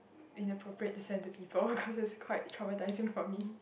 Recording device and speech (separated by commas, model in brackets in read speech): boundary microphone, conversation in the same room